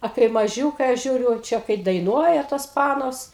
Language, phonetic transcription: Lithuanian, a kai maˈžiūkai aš ˈžiūriu ˈčia kai daiˈnuoja tos ˈpanos

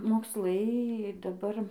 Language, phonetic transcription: Lithuanian, moksˈlai daˈbar

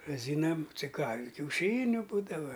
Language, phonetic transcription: Lithuanian, raˈzynam ci ką i kiauˈšyniu ˈbūdava

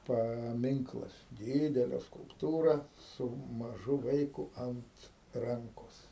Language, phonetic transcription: Lithuanian, paˈminklas ˈdidele skulpˈtūra su maˈžu ˈvaiku ˈant ˈrankos

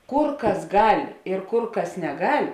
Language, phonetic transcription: Lithuanian, ˈkur ˈkas ˈgal' ir ˈkur ˈkas neˈgal'

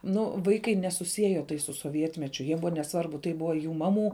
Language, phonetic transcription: Lithuanian, nu ˈvaikai nesuˈsieja tai su soˈvietmečiu jie ˈbuvo neˈsvarbu tai ˈbuvo jų ˈmaˌmų

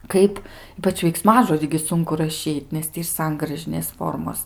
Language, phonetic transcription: Lithuanian, ˈkaip ˈypač veikˈsmažodį gi ˈsunku raˈšyt' nes ˈtį ir ˈsangražinės ˈformos

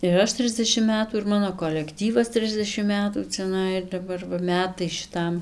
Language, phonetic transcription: Lithuanian, ir ˈaš ˈtrisdešim ˈmetų ir ˈmano kolekˈtyvas ˈtrisdešim ˈmetų ciaˈnai ir daˈbar va ˈmetai šiˈtam

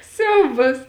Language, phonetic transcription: Lithuanian, ˈsiaubas

